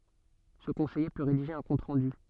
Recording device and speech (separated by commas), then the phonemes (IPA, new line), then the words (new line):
soft in-ear microphone, read sentence
sə kɔ̃sɛje pø ʁediʒe œ̃ kɔ̃t ʁɑ̃dy
Ce conseiller peut rédiger un compte-rendu.